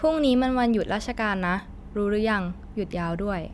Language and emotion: Thai, neutral